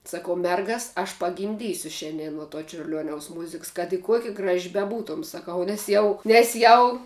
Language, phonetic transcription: Lithuanian, saˈkau ˈmergas aš pagimˈdysiu ˈšiandien nuo to čiurˈliuoniaus ˈmuziks kad i ˈkuokia ˈgraži beˈbūtom saˈkau nes ˈjau nes ˈjau

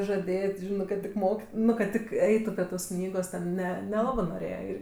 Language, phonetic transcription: Lithuanian, žaˈdėt' ˈžinɜ kad ˈtik ˈmok ˈnu kad ˈtik ˈeitu prie tos ˈknygos ˈne neˈlabɜ noˈrėje ˈir

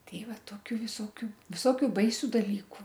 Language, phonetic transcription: Lithuanian, ˈtei ˈva ˈtokiu viˈsokiu viˈsokiu ˈbaisiu daˈlyku

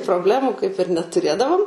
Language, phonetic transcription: Lithuanian, probˈlemų kaip ir netuˈrėdavom

